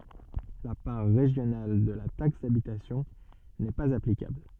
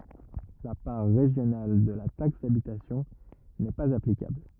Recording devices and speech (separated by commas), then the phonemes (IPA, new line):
soft in-ear microphone, rigid in-ear microphone, read sentence
la paʁ ʁeʒjonal də la taks dabitasjɔ̃ nɛ paz aplikabl